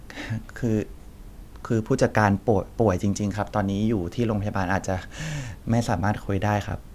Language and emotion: Thai, neutral